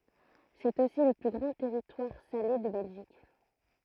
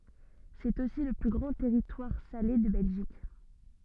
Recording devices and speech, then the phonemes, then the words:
throat microphone, soft in-ear microphone, read sentence
sɛt osi lə ply ɡʁɑ̃ tɛʁitwaʁ sale də bɛlʒik
C’est aussi le plus grand territoire salé de Belgique.

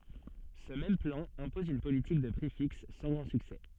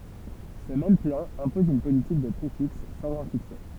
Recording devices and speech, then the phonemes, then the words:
soft in-ear microphone, temple vibration pickup, read sentence
sə mɛm plɑ̃ ɛ̃pɔz yn politik də pʁi fiks sɑ̃ ɡʁɑ̃ syksɛ
Ce même plan, impose une politique de prix fixe, sans grand succès.

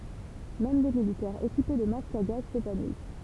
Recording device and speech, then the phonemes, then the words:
temple vibration pickup, read sentence
mɛm de militɛʁz ekipe də mask a ɡaz sevanwis
Même des militaires équipés de masque à gaz s'évanouissent.

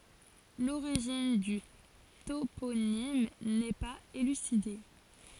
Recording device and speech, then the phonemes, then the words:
forehead accelerometer, read sentence
loʁiʒin dy toponim nɛ paz elyside
L'origine du toponyme n'est pas élucidée.

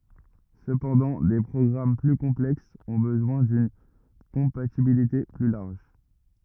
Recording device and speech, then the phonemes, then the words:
rigid in-ear microphone, read sentence
səpɑ̃dɑ̃ de pʁɔɡʁam ply kɔ̃plɛksz ɔ̃ bəzwɛ̃ dyn kɔ̃patibilite ply laʁʒ
Cependant, des programmes plus complexes ont besoin d'une compatibilité plus large.

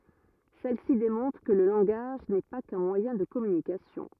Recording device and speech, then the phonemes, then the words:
rigid in-ear microphone, read sentence
sɛl si demɔ̃tʁ kə lə lɑ̃ɡaʒ nɛ pa kœ̃ mwajɛ̃ də kɔmynikasjɔ̃
Celle-ci démontre que le langage n'est pas qu'un moyen de communication.

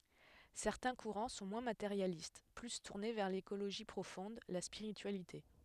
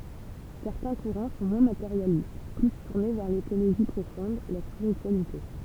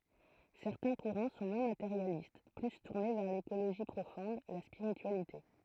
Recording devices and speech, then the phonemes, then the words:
headset microphone, temple vibration pickup, throat microphone, read sentence
sɛʁtɛ̃ kuʁɑ̃ sɔ̃ mwɛ̃ mateʁjalist ply tuʁne vɛʁ lekoloʒi pʁofɔ̃d la spiʁityalite
Certains courants sont moins matérialistes, plus tournés vers l'écologie profonde, la spiritualité.

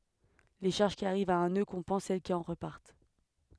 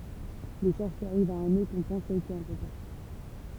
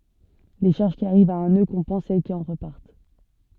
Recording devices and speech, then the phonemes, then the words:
headset microphone, temple vibration pickup, soft in-ear microphone, read sentence
le ʃaʁʒ ki aʁivt a œ̃ nø kɔ̃pɑ̃s sɛl ki ɑ̃ ʁəpaʁt
Les charges qui arrivent à un nœud compensent celles qui en repartent.

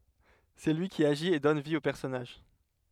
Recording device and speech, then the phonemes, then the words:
headset microphone, read sentence
sɛ lyi ki aʒit e dɔn vi o pɛʁsɔnaʒ
C'est lui qui agit et donne vie au personnage.

